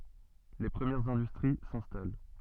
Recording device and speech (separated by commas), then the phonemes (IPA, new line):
soft in-ear microphone, read sentence
le pʁəmjɛʁz ɛ̃dystʁi sɛ̃stal